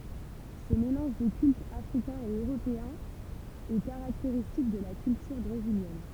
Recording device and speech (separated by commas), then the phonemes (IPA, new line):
temple vibration pickup, read sentence
sə melɑ̃ʒ də kyltz afʁikɛ̃z e øʁopeɛ̃z ɛ kaʁakteʁistik də la kyltyʁ bʁeziljɛn